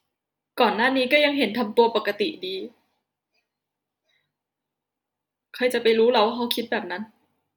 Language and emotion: Thai, sad